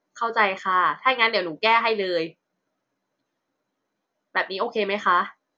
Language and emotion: Thai, frustrated